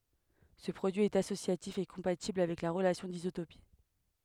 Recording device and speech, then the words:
headset microphone, read sentence
Ce produit est associatif et compatible avec la relation d'isotopie.

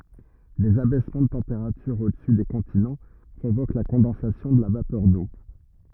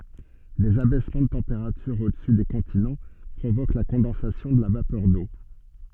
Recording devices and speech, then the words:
rigid in-ear microphone, soft in-ear microphone, read sentence
Des abaissements de température au-dessus des continents provoquent la condensation de la vapeur d’eau.

